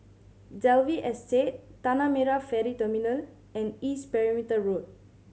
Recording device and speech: mobile phone (Samsung C7100), read sentence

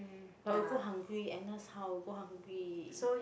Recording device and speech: boundary microphone, conversation in the same room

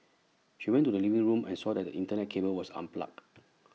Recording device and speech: mobile phone (iPhone 6), read sentence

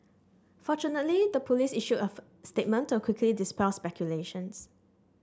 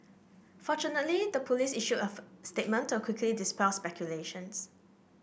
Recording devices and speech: standing microphone (AKG C214), boundary microphone (BM630), read sentence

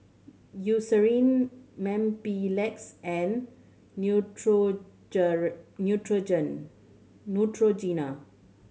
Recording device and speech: mobile phone (Samsung C7100), read sentence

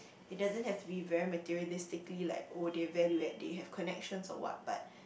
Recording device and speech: boundary microphone, conversation in the same room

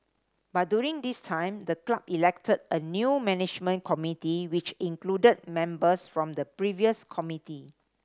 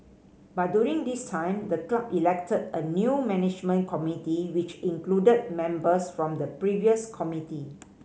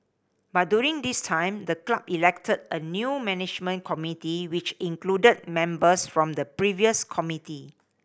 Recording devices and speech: standing microphone (AKG C214), mobile phone (Samsung C5010), boundary microphone (BM630), read sentence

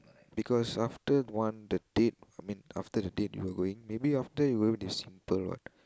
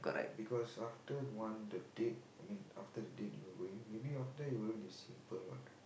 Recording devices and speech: close-talking microphone, boundary microphone, conversation in the same room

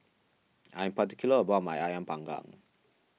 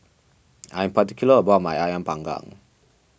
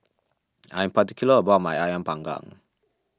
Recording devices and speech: mobile phone (iPhone 6), boundary microphone (BM630), standing microphone (AKG C214), read sentence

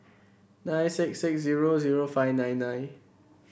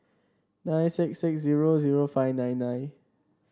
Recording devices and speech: boundary microphone (BM630), standing microphone (AKG C214), read sentence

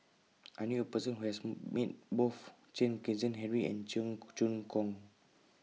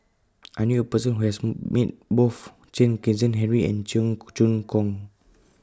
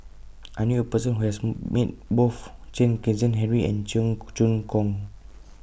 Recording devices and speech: mobile phone (iPhone 6), close-talking microphone (WH20), boundary microphone (BM630), read sentence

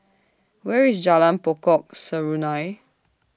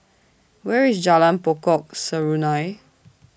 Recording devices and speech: standing microphone (AKG C214), boundary microphone (BM630), read sentence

